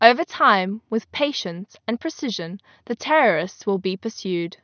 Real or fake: real